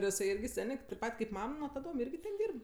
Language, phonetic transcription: Lithuanian, ir jiˈsai ˈirgi ˈsenė taip ˈpat kaip ˈmam nuo taˈdom ˈirgi ten ˈdyrb

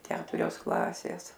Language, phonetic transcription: Lithuanian, ˈketurios ˈklasės

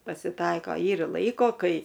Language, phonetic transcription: Lithuanian, pasiˈtaiko ˈyra ˈlaiko ˈkai

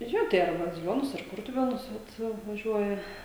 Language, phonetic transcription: Lithuanian, ˈjo tai ar baziˈlionus ar ˈkurtuvėnus vat vaˈžiuoja

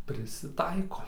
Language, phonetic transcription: Lithuanian, prisiˈtaiko

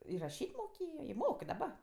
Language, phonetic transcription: Lithuanian, ir raˈšyt' moˈkėjo i ˈmok i daˈba

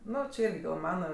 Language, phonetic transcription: Lithuanian, ˈnu či ˈirgi gal ˈmana

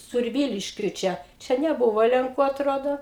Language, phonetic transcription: Lithuanian, surˈvyliškiui ˈčia ˈčia neˈbuvo lenˈkų atˈrodo

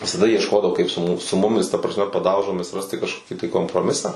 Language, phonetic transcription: Lithuanian, visaˈda iešˈkodavo kaip su mu su ˈmumis ta prasˈme paˈdaužomis ˈrasti kažˈkoki tai komproˈmisą

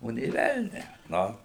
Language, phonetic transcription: Lithuanian, ˈo nė ˈvelnią ˈnu

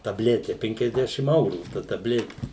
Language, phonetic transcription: Lithuanian, taˈblete ˌpenkiasˈdešim ˈaurų ta taˈbleti

